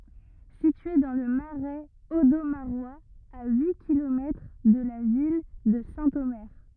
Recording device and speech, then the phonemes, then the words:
rigid in-ear microphone, read sentence
sitye dɑ̃ lə maʁɛz odomaʁwaz a yi kilomɛtʁ də la vil də sɛ̃tome
Située dans le Marais audomarois, à huit kilomètres de la ville de Saint-Omer.

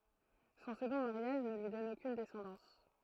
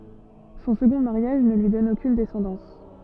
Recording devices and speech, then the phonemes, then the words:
throat microphone, soft in-ear microphone, read sentence
sɔ̃ səɡɔ̃ maʁjaʒ nə lyi dɔn okyn dɛsɑ̃dɑ̃s
Son second mariage ne lui donne aucune descendance.

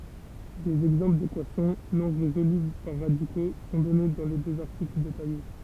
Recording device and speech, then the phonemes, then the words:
temple vibration pickup, read sentence
dez ɛɡzɑ̃pl dekwasjɔ̃ nɔ̃ ʁezolybl paʁ ʁadiko sɔ̃ dɔne dɑ̃ le døz aʁtikl detaje
Des exemples d'équations non résolubles par radicaux sont donnés dans les deux articles détaillés.

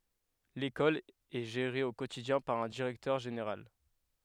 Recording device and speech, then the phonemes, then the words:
headset microphone, read sentence
lekɔl ɛ ʒeʁe o kotidjɛ̃ paʁ œ̃ diʁɛktœʁ ʒeneʁal
L'école est gérée au quotidien par un directeur général.

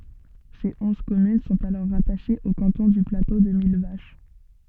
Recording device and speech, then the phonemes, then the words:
soft in-ear microphone, read sentence
se ɔ̃z kɔmyn sɔ̃t alɔʁ ʁataʃez o kɑ̃tɔ̃ dy plato də milvaʃ
Ses onze communes sont alors rattachées au canton du Plateau de Millevaches.

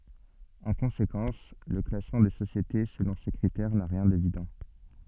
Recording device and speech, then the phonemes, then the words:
soft in-ear microphone, read sentence
ɑ̃ kɔ̃sekɑ̃s lə klasmɑ̃ de sosjete səlɔ̃ se kʁitɛʁ na ʁjɛ̃ devidɑ̃
En conséquence, le classement des sociétés selon ces critères n'a rien d'évident.

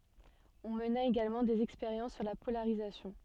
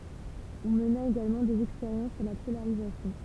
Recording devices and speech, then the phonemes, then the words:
soft in-ear microphone, temple vibration pickup, read sentence
ɔ̃ məna eɡalmɑ̃ dez ɛkspeʁjɑ̃s syʁ la polaʁizasjɔ̃
On mena également des expériences sur la polarisation.

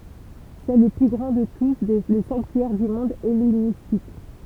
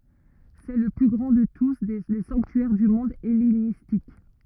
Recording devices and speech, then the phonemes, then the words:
temple vibration pickup, rigid in-ear microphone, read sentence
sɛ lə ply ɡʁɑ̃ də tu le sɑ̃ktyɛʁ dy mɔ̃d ɛlenistik
C'est le plus grand de tous les sanctuaires du monde hellénistique.

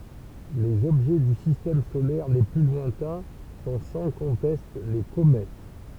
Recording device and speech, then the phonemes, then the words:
temple vibration pickup, read sentence
lez ɔbʒɛ dy sistɛm solɛʁ le ply lwɛ̃tɛ̃ sɔ̃ sɑ̃ kɔ̃tɛst le komɛt
Les objets du Système solaire les plus lointains sont sans conteste les comètes.

